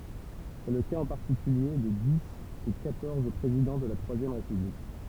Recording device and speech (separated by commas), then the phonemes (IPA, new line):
temple vibration pickup, read sentence
sɛ lə kaz ɑ̃ paʁtikylje də di de kwatɔʁz pʁezidɑ̃ də la tʁwazjɛm ʁepyblik